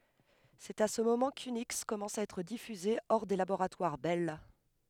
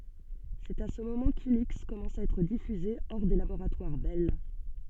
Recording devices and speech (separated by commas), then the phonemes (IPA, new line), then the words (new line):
headset microphone, soft in-ear microphone, read sentence
sɛt a sə momɑ̃ kyniks kɔmɑ̃sa a ɛtʁ difyze ɔʁ de laboʁatwaʁ bɛl
C'est à ce moment qu'Unix commença à être diffusé hors des laboratoires Bell.